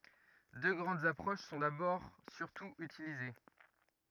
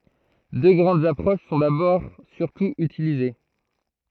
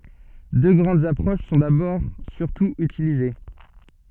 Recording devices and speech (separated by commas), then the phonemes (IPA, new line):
rigid in-ear microphone, throat microphone, soft in-ear microphone, read sentence
dø ɡʁɑ̃dz apʁoʃ sɔ̃ dabɔʁ syʁtu ytilize